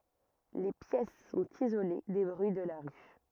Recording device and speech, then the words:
rigid in-ear microphone, read sentence
Les pièces sont isolées des bruits de la rue.

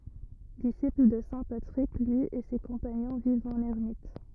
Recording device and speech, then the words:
rigid in-ear microphone, read sentence
Disciples de saint Patrick, lui et ses compagnons vivent en ermites.

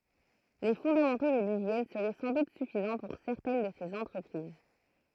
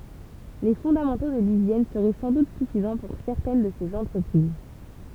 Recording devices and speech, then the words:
throat microphone, temple vibration pickup, read sentence
Les fondamentaux de l'hygiène seraient sans doute suffisants pour certaines de ces entreprises.

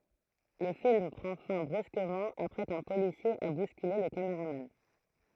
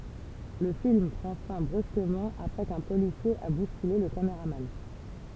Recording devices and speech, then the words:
throat microphone, temple vibration pickup, read sentence
Le film prend fin brusquement après qu'un policier a bousculé le cameraman.

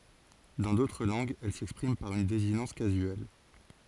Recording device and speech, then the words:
forehead accelerometer, read sentence
Dans d'autres langues, elle s'exprime par une désinence casuelle.

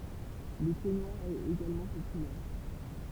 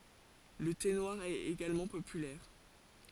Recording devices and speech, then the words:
temple vibration pickup, forehead accelerometer, read sentence
Le thé noir est également populaire.

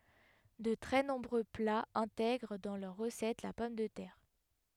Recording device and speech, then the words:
headset microphone, read sentence
De très nombreux plats intègrent dans leur recette la pomme de terre.

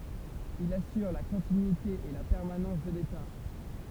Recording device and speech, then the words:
temple vibration pickup, read sentence
Il assure la continuité et la permanence de l’État.

